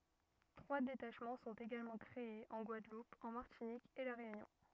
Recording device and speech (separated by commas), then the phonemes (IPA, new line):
rigid in-ear microphone, read sentence
tʁwa detaʃmɑ̃ sɔ̃t eɡalmɑ̃ kʁeez ɑ̃ ɡwadlup ɑ̃ maʁtinik e la ʁeynjɔ̃